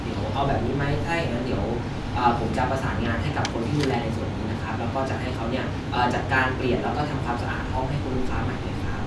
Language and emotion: Thai, neutral